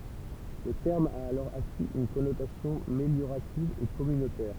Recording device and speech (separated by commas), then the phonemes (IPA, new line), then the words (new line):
temple vibration pickup, read sentence
lə tɛʁm a alɔʁ akiz yn kɔnotasjɔ̃ meljoʁativ e kɔmynotɛʁ
Le terme a alors acquis une connotation méliorative et communautaire.